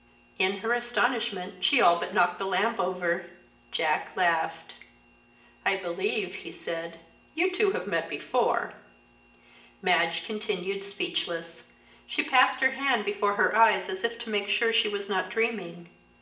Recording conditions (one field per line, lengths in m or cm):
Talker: one person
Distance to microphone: 1.8 m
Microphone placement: close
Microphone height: 1.0 m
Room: large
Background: none